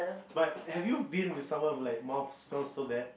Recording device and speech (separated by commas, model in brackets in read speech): boundary microphone, conversation in the same room